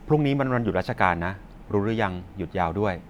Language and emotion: Thai, neutral